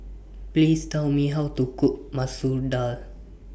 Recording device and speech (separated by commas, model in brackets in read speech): boundary microphone (BM630), read sentence